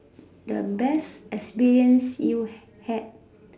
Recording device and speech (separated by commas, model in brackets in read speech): standing microphone, conversation in separate rooms